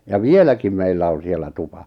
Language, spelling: Finnish, ja vieläkin meillä on siellä tupa
- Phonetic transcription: ja "vieläkim meillä on̬ 'siel̆lä 'tupa .

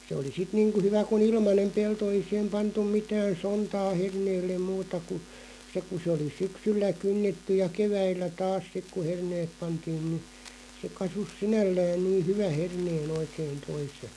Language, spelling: Finnish, se oli sitten niin kuin hyvä kun ilmainen pelto ei siihen pantu mitään sontaa herneelle muuta kuin se kun se oli syksyllä kynnetty ja keväällä taas sitten kun herneet pantiin no se kasvoi sinällään niin hyvän herneen oikein toisen
- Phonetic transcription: se oli 'sit niiŋku 'hyvä ku"n ‿ilmanem 'pelto ei siʰem 'pantuᵐ 'mitään̬ "sontaa 'herneellem 'muuta ku , 'se ku se oli 'syksyllä "kynnetty ja 'keväillä "taas 'sik ku "herneeᵖ 'pantiin nⁱ se 'kasus "sinällään nii "hyvä 'hernee'n ‿oikeen̬ ('toise) .

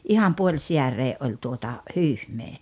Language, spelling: Finnish, ihan puolisääreen oli tuota hyhmää
- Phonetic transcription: '’iham "puoĺsiäree’ '’oĺ tuota , "hyyhmee .

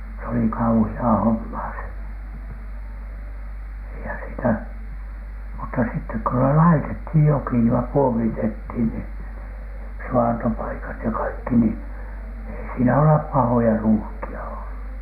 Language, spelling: Finnish, se oli kauheaa hommaa se eihän sitä mutta sitten kun ne laitettiin joki ja puomitettiin niin suvantopaikat ja kaikki niin ei siinä ole pahoja ruuhkia ollut
- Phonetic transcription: s ‿oli "kauhi₍aa "hommaa se , eihän sitä , mutta sittek ko ne "laitethij 'joki ja "puomitet̀h̆ìn nii , 'su₍antopaikat ja 'kaikki ni , ei siinä olep "pahoja "ruuhki₍a ollu .

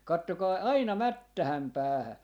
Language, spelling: Finnish, katsokaa aina mättään päähän
- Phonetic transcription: 'kattokai "aina "mättähäm 'päähä » .

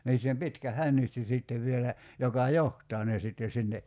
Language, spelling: Finnish, niissä on pitkä hännystin sitten vielä joka johtaa ne sitten sinne
- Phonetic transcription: 'niiss ‿(om) 'pitkä 'hännysti 'sìttev vielä , 'joka "joht̀aa ne sitten̬ sinne ,.

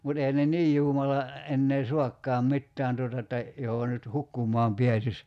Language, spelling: Finnish, mutta eihän ne niin juumalla enää saakaan mitään tuota että johon nyt hukkumaan pääsisi
- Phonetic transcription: mut ehän ne "niij 'juumala , 'ennee "suakkaam 'mittään tuota että , joho nyt , "hukkum̀ɔam 'piäsis .

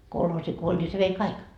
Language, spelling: Finnish, kolhoosi kun oli niin se vei kaikki
- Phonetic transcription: 'kolhoosi ko 'oĺ ni se vei "kaik .

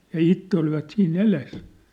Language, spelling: Finnish, ja itse olivat siinä edessä
- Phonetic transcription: ja 'itte olivat sii'n ‿eles .

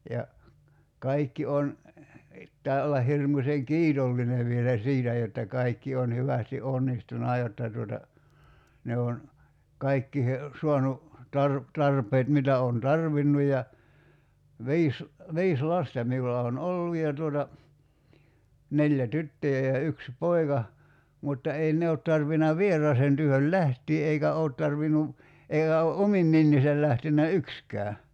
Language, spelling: Finnish, ja kaikki on pitää olla hirmuisen kiitollinen vielä siitä jotta kaikki on hyvästi onnistunut jotta tuota ne on kaikkiin saanut - tarpeet mitä olen tarvinnut ja viisi viisi lasta minulla on ollut ja tuota neljä tyttöjä ja yksi poika mutta ei ne ole tarvinnut vieraaseen työhön lähteä eikä ole tarvinnut eikä ole omin neninsä lähtenyt yksikään
- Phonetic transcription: ja , 'kaikki on , [p]ittää olla 'hirmuśeŋ "kiitolline vielä "siitä jotta 'kaikki on 'hyvästi '’onnistuna jotta tuota , ne on , 'kaikkiihe 'suanu , 'tar- , 'tarp̀eet mitä oon "tarvinnu ja , "vi̬is , 'viis "lasta 'miulla on "ollu ja tuota , 'neĺjä "tyttöjä ja 'yksi "poika , mutta 'ei 'ne ot tarvina "vier̀aasen työhöl "lähtii eikä 'oot tarvinu , 'eiɢä o "’omin (nenniisäl) 'lähtennä "ykskää .

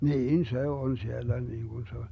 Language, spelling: Finnish, niin se on siellä niin kuin se on
- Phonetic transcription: "niin 'se on 'siellä niiŋGun se on̬ .

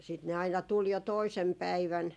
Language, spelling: Finnish, ja sitten ne aina tuli jo toisena päivänä
- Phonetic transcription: 'ja sit ne 'aina 'tul jo "toisem 'päivän ,.

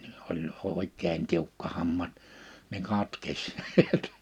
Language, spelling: Finnish, oli oikein tiukka hammas niin katkesi näet
- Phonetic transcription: oĺ 'òik̆keen 'tiukka 'hamma(s) , niŋ 'katkes (niä)t .

